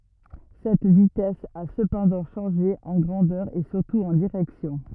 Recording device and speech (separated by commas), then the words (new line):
rigid in-ear microphone, read sentence
Cette vitesse a cependant changé, en grandeur et surtout en direction.